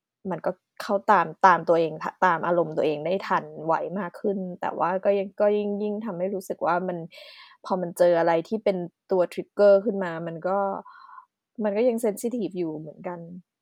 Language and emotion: Thai, sad